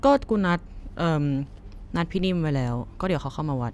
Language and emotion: Thai, neutral